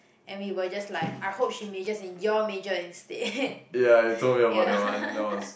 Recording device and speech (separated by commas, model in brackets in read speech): boundary microphone, conversation in the same room